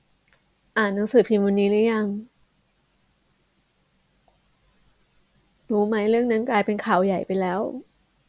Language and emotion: Thai, sad